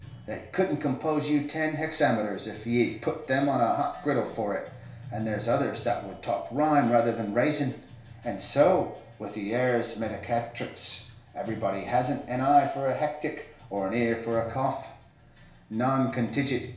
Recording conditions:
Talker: one person; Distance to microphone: 1.0 m; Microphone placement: close; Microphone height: 1.1 m; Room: small (3.7 m by 2.7 m); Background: music

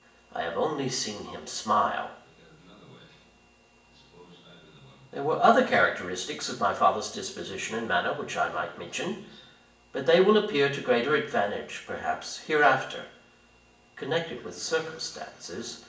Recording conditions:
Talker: one person; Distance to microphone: 1.8 m; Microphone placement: close; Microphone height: 1.0 m; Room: large; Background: television

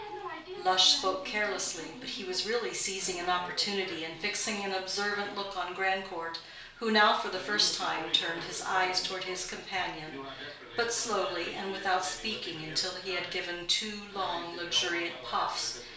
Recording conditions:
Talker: one person; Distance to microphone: 1.0 m; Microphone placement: close; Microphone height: 1.1 m; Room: small (3.7 m by 2.7 m); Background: television

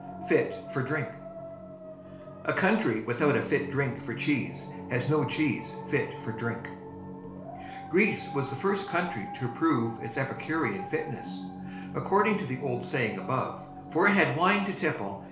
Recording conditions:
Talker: one person; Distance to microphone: 1.0 m; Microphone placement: close; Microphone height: 1.1 m; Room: small (3.7 m by 2.7 m); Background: television

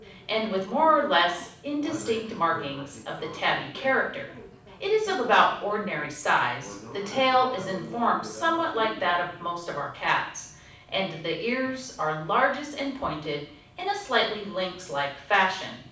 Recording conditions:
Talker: one person; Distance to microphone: 5.8 m; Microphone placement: far; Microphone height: 1.8 m; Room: medium-sized (5.7 m by 4.0 m); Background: television

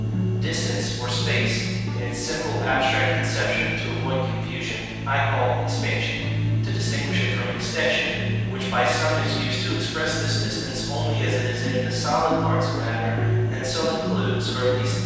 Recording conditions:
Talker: one person; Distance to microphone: 7.1 m; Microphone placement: far; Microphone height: 1.7 m; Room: very reverberant, large; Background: music

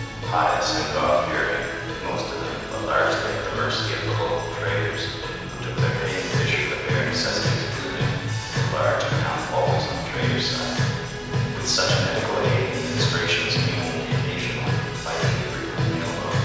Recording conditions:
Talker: one person; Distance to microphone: 7.1 m; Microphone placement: far; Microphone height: 1.7 m; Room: very reverberant, large; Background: music

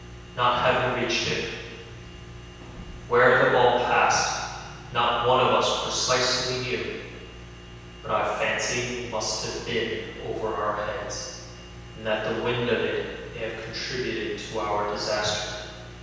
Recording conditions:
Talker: one person; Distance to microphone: 7.1 m; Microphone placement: far; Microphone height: 1.7 m; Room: very reverberant, large; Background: none

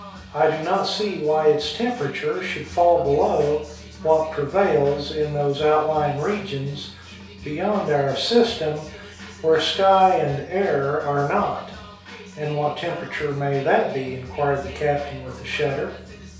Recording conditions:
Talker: one person; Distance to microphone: 3.0 m; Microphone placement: far; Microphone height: 1.8 m; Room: small (3.7 m by 2.7 m); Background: music

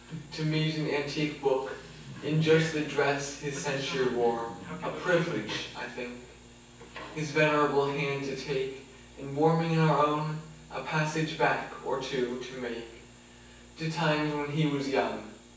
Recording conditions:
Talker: one person; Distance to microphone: 9.8 m; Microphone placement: far; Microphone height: 1.8 m; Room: large; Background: television

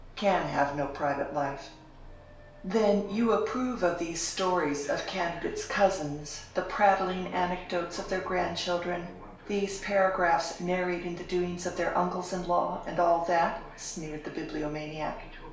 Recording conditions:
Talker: one person; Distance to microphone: 1.0 m; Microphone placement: close; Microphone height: 1.1 m; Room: small (3.7 m by 2.7 m); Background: television

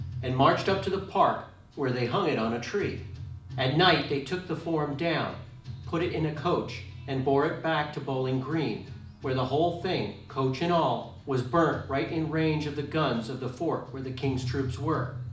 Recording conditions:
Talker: one person; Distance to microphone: 2.0 m; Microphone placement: close; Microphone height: 99 cm; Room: medium-sized (5.7 m by 4.0 m); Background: music

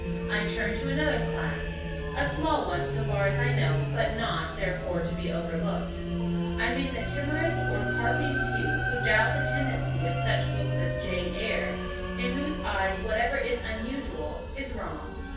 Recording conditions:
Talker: one person; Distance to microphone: 9.8 m; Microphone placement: far; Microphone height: 1.8 m; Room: large; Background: music

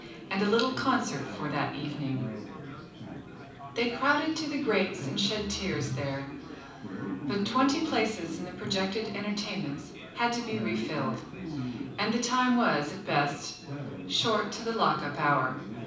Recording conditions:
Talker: one person; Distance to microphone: 5.8 m; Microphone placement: far; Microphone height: 1.8 m; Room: medium-sized (5.7 m by 4.0 m); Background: babble

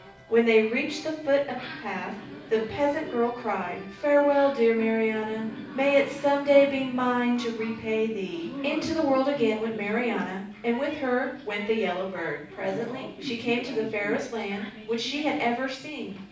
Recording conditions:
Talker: one person; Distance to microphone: 5.8 m; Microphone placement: far; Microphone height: 1.8 m; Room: medium-sized (5.7 m by 4.0 m); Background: television

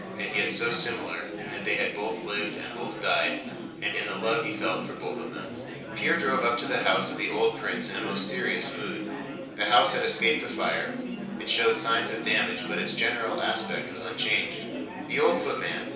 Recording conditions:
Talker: one person; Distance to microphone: 3.0 m; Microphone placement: far; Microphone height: 1.8 m; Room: small (3.7 m by 2.7 m); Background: babble

